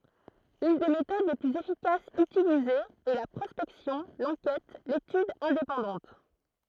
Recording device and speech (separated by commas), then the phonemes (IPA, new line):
throat microphone, read sentence
yn de metod le plyz efikasz ytilizez ɛ la pʁɔspɛksjɔ̃ lɑ̃kɛt letyd ɛ̃depɑ̃dɑ̃t